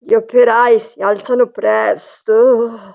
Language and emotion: Italian, fearful